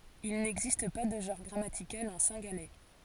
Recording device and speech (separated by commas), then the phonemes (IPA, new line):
forehead accelerometer, read sentence
il nɛɡzist pa də ʒɑ̃ʁ ɡʁamatikal ɑ̃ sɛ̃ɡalɛ